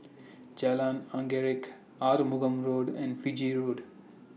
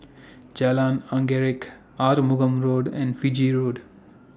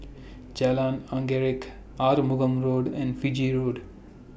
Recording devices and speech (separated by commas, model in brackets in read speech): mobile phone (iPhone 6), standing microphone (AKG C214), boundary microphone (BM630), read sentence